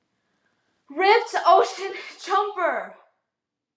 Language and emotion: English, sad